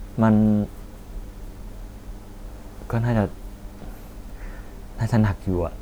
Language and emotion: Thai, sad